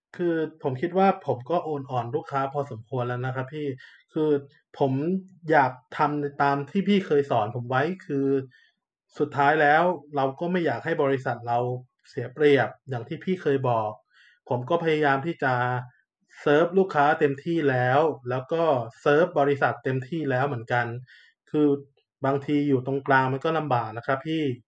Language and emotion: Thai, frustrated